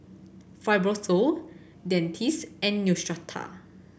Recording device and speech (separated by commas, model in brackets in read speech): boundary microphone (BM630), read sentence